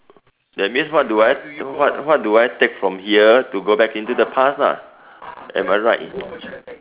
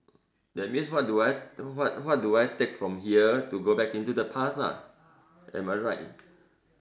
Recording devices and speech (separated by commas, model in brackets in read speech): telephone, standing microphone, conversation in separate rooms